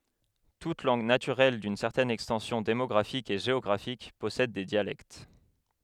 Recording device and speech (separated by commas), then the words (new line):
headset microphone, read sentence
Toute langue naturelle d'une certaine extension démographique et géographique possède des dialectes.